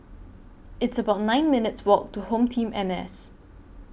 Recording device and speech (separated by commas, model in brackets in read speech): boundary microphone (BM630), read sentence